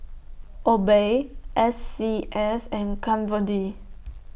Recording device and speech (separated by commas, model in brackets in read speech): boundary microphone (BM630), read sentence